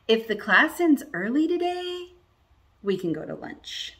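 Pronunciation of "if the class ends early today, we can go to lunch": The voice goes up on 'if the class ends early today', with a pause after 'today', and goes down on the main clause 'we can go to lunch'.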